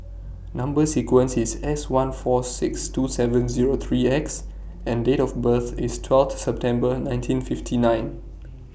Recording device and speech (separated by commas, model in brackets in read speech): boundary microphone (BM630), read sentence